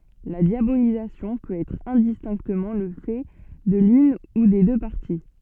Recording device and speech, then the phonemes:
soft in-ear microphone, read sentence
la djabolizasjɔ̃ pøt ɛtʁ ɛ̃distɛ̃ktəmɑ̃ lə fɛ də lyn u de dø paʁti

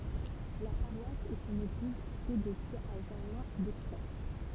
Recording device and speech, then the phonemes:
temple vibration pickup, read sentence
la paʁwas e sɔ̃n eɡliz etɛ dedjez a ʒɛʁmɛ̃ doksɛʁ

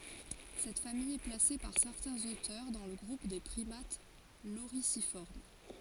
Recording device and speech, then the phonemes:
forehead accelerometer, read sentence
sɛt famij ɛ plase paʁ sɛʁtɛ̃z otœʁ dɑ̃ lə ɡʁup de pʁimat loʁizifɔʁm

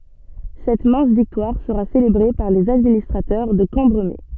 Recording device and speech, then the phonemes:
soft in-ear microphone, read sentence
sɛt mɛ̃s viktwaʁ səʁa selebʁe paʁ lez administʁatœʁ də kɑ̃bʁəme

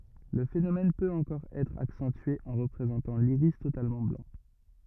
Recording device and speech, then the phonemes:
rigid in-ear microphone, read sentence
lə fenomɛn pøt ɑ̃kɔʁ ɛtʁ aksɑ̃tye ɑ̃ ʁəpʁezɑ̃tɑ̃ liʁis totalmɑ̃ blɑ̃

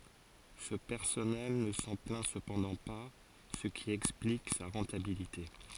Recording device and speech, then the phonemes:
forehead accelerometer, read sentence
sə pɛʁsɔnɛl nə sɑ̃ plɛ̃ səpɑ̃dɑ̃ pa sə ki ɛksplik sa ʁɑ̃tabilite

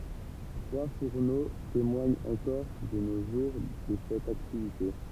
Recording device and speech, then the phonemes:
temple vibration pickup, read sentence
tʁwa fuʁno temwaɲt ɑ̃kɔʁ də no ʒuʁ də sɛt aktivite

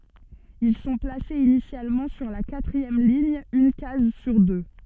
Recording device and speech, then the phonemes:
soft in-ear microphone, read sentence
il sɔ̃ plasez inisjalmɑ̃ syʁ la katʁiɛm liɲ yn kaz syʁ dø

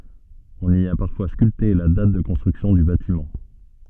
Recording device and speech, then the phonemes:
soft in-ear microphone, read sentence
ɔ̃n i a paʁfwa skylte la dat də kɔ̃stʁyksjɔ̃ dy batimɑ̃

